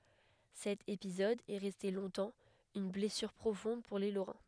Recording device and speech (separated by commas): headset microphone, read sentence